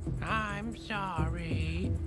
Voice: high voice